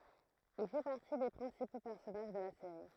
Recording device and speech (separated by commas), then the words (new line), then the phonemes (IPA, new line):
throat microphone, read sentence
Il fait partie des principaux personnages de la série.
il fɛ paʁti de pʁɛ̃sipo pɛʁsɔnaʒ də la seʁi